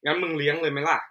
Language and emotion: Thai, frustrated